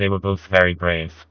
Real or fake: fake